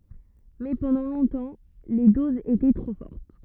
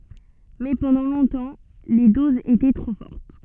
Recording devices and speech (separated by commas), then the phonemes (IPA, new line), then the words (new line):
rigid in-ear microphone, soft in-ear microphone, read sentence
mɛ pɑ̃dɑ̃ lɔ̃tɑ̃ le dozz etɛ tʁo fɔʁt
Mais pendant longtemps, les doses étaient trop fortes.